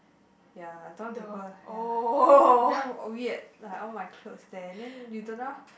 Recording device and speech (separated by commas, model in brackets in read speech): boundary microphone, conversation in the same room